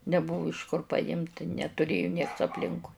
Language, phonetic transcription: Lithuanian, neˈbuvu iš kur paˈjimt netuˈrėju nieks apˈlinkui

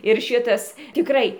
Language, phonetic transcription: Lithuanian, ir ˈšitas tiˈkrai

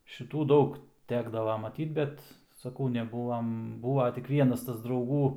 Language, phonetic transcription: Lithuanian, šiˈtų ˈdaug ˈtekdava maˈtyt ˈbet saˈkau neˈbūvam ˈbūva tik ˈvienas ˈtas drauˈgų

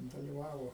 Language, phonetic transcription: Lithuanian, daliˈvavo

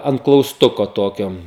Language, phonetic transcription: Lithuanian, ant klausˈtuko ˈtokio

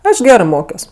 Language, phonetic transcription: Lithuanian, ˈaš ˈgerɜ ˈmokios

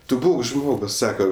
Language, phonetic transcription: Lithuanian, ˈtu ˈbūk ˈžmogus ˈsaka

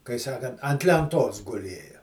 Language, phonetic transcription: Lithuanian, kai ˈsakant ant lenˈtos guˈlėja

